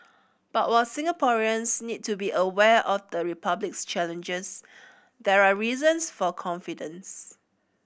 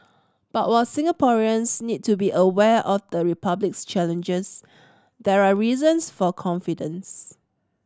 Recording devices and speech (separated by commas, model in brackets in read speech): boundary microphone (BM630), standing microphone (AKG C214), read sentence